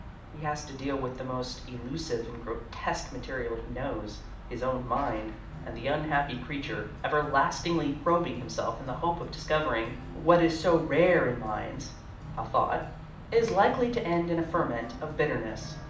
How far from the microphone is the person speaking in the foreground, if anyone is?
2.0 m.